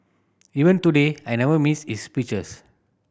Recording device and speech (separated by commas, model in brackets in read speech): boundary microphone (BM630), read sentence